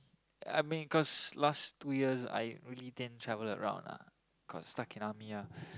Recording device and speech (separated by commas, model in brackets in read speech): close-talking microphone, conversation in the same room